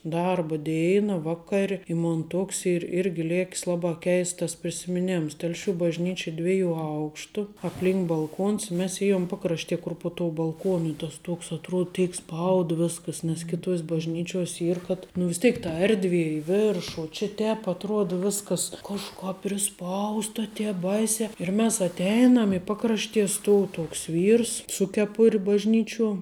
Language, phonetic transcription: Lithuanian, ˈdarba ˈdėina ˈvaˌkar' i ˈmon ˈtoks ir ˈirgi ˈlėk's ˈlabā ˈkeists tas prisimiˈnims telˈšių bažˈnyči ˈdviejų ˈaukštu apˈlink balˈkuons i mes ˈėjom ˈpakraštie kur po tuo balˈkuonu ˈtas ˈtuoks atˈruod ˈtėik ˈspaud ˈviskas nes kiˈtuos' bažˈnyčiuos' ˈyr kad nu vis ˈtėik ta ˈerdvie i ˈviršu o čia ˈtēp atˈruod ˈviskas kažˈkāp priˈspausta ˈtēp ˈbaisiā ir ˈmes atˈeinam i ˈpakraštie ˈstuov ˈtoks ˈvyrs su keˈpur' bažˈnyčiuo

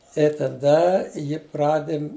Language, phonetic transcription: Lithuanian, i taˈda ˈji ˈpradim'

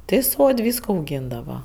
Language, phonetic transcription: Lithuanian, ˈti ˈsod' ˈvysko auˈgyndava

